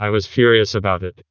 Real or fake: fake